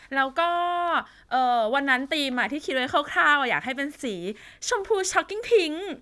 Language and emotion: Thai, happy